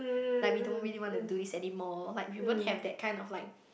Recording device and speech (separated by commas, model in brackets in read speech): boundary microphone, conversation in the same room